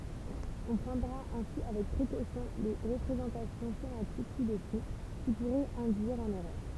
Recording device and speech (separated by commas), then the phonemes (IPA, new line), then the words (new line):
temple vibration pickup, read sentence
ɔ̃ pʁɑ̃dʁa ɛ̃si avɛk pʁekosjɔ̃ le ʁəpʁezɑ̃tasjɔ̃ ʃematik si dəsu ki puʁɛt ɛ̃dyiʁ ɑ̃n ɛʁœʁ
On prendra ainsi avec précaution les représentations schématiques ci-dessous, qui pourraient induire en erreur.